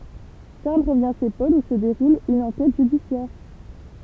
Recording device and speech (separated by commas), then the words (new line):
temple vibration pickup, read sentence
Charles revient chez Paul où se déroule une enquête judiciaire.